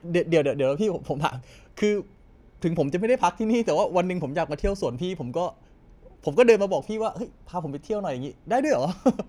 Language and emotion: Thai, happy